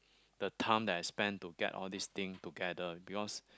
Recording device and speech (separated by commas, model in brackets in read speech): close-talking microphone, conversation in the same room